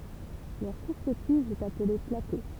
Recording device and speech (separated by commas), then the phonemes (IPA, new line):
temple vibration pickup, read sentence
lœʁ kuʁt tiʒ ɛt aple plato